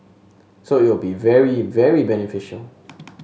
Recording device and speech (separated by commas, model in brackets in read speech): mobile phone (Samsung S8), read sentence